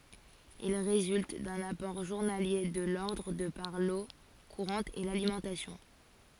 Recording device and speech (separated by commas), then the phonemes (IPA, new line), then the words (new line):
forehead accelerometer, read sentence
il ʁezylt dœ̃n apɔʁ ʒuʁnalje də lɔʁdʁ də paʁ lo kuʁɑ̃t e lalimɑ̃tasjɔ̃
Il résulte d'un apport journalier de l'ordre de par l'eau courante et l'alimentation.